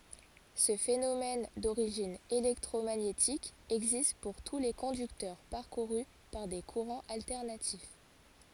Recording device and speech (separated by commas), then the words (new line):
forehead accelerometer, read sentence
Ce phénomène d'origine électromagnétique existe pour tous les conducteurs parcourus par des courants alternatifs.